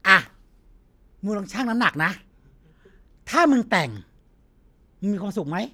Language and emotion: Thai, frustrated